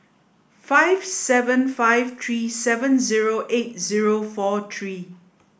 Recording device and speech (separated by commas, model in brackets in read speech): boundary microphone (BM630), read sentence